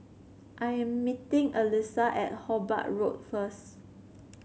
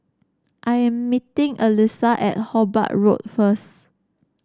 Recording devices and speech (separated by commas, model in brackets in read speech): mobile phone (Samsung C7), standing microphone (AKG C214), read sentence